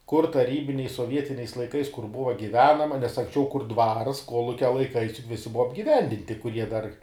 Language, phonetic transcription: Lithuanian, kur taˈrybiniais soˈvietiniais laiˈkais kur ˈbuva giˈvenama nes anksˈčiau kur dvars ˈkolukia laiˈkais juk ˈvisi ˈbuva apgiˈvendinti kuˈrie dar

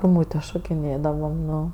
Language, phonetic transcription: Lithuanian, guˈmūtė šokiˈnėdavam ˈnu

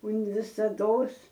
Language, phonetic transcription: Lithuanian, un visaˈdos

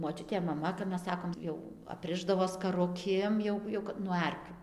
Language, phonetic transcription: Lithuanian, moˈčiutė maˈma kap ˈmes ˈsakom ˈjau apˈrišdavo skaruˈkėm jau jau kad nuo ˈarkių

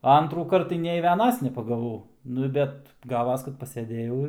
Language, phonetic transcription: Lithuanian, a ˈantrųkart tai nei ˈvienas nepagaˈvau ˈnu bet ˈgavas kad paseˈdėjau ir

